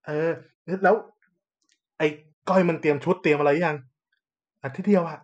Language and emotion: Thai, happy